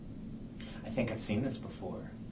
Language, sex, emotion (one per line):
English
male
neutral